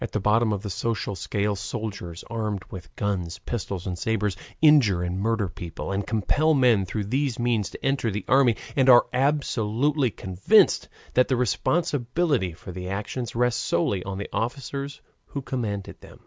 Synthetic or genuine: genuine